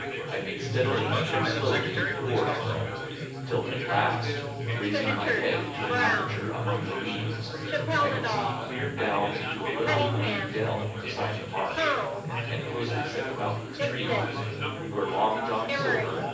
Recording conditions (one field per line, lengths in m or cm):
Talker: one person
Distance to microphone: 9.8 m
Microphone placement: far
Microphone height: 1.8 m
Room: large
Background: babble